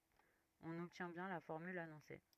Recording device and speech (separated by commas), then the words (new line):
rigid in-ear microphone, read sentence
On obtient bien la formule annoncée.